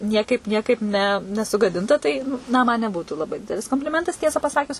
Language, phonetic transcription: Lithuanian, ˈniekaip ˈniekaip ne nesugaˈdinta ˈtai na ˈman neˈbūtų laˈbai ˈdidelis kompliˈmentas ˈtiesą paˈsakius

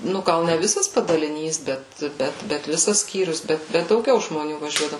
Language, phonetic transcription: Lithuanian, ˈnu ˈgal ne ˈvisas padaliˈnys ˈbet ˈbet bet ˈvisas ˈskyrius ˈbet bet dauˈgiau žmoˈnių vaˈžiuodavu

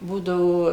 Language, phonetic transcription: Lithuanian, ˈbūdavo

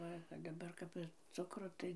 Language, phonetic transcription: Lithuanian, ˈva daˈbar kap ir ˈcukro ˈtai

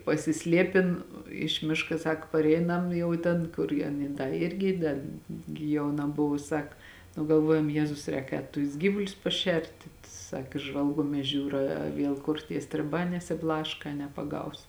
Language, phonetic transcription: Lithuanian, pasiˈsliepin iš ˈmiška ˈsako parˈeinam ˈjau ten kur ja aˈny ˈda ˈirgi da gi jauˈna ˈbuvu ˈsak nu galˈvuojam ˈjėzus ˈrēk ˈēt tus ˈgyvulius paˈšerti ˈsak ˈžvalguomies ˈžiūra a ˈviel kur tie striˈbā nesiˈblaška a nepaˈgaus

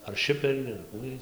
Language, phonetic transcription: Lithuanian, ar ˈšiperį ar ˈkų ˈjiej

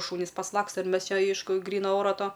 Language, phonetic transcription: Lithuanian, ˈšūnis pasˈlaksta ir ˈmes ˈčia ˈeišku ˈgryna ˈora ˈto

